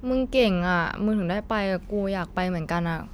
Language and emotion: Thai, frustrated